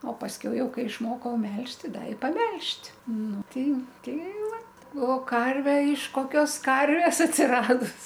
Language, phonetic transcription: Lithuanian, o pasˈkiau ˈjau ˈkai išˈmokau ˈmelžt' ˈti ˈda i paˈmelžt' ˈnu ˈtei ˈtei ˈvat o ˈkarve iš koˈkios ˈkarvės atsiˈradus

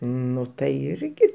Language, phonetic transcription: Lithuanian, ˈnu tai ˈirgi

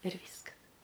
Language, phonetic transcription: Lithuanian, ir ˈvyskas

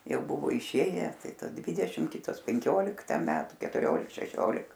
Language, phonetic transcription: Lithuanian, ˈjau ˈbuvo iˈšėję ˈtai ˈta ˈdvidešim ˈkitos penˈkiolikta ˈmetu ketuˈriolik šeˈšiolik

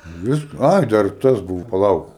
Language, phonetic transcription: Lithuanian, ˈviska ˈai dar ˈtas ˈbuvo paˈlauk

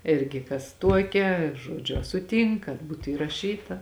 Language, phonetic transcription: Lithuanian, ˈirgi kas ˈtuokia ˈžuodžiu a suˈtynk kad ˈbūtu įraˈšyta

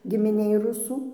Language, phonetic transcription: Lithuanian, gimiˈnėj ˈrusų

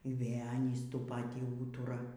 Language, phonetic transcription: Lithuanian, y ˈvė ˈanys ˈtų ˈpatį ˈūtura

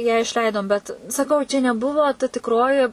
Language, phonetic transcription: Lithuanian, ją išˈleidom ˈbet saˈkau čia neˈbuvo ta tikˈroji

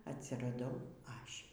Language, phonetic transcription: Lithuanian, atsiraˈdau ˈaš'

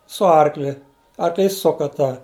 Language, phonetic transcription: Lithuanian, su ˈarkli arkˈlys ˈsuka tą

